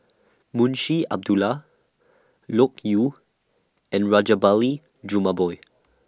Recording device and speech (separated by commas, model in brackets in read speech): standing microphone (AKG C214), read sentence